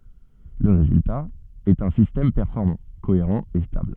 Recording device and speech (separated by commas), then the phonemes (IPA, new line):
soft in-ear microphone, read sentence
lə ʁezylta ɛt œ̃ sistɛm pɛʁfɔʁmɑ̃ koeʁɑ̃ e stabl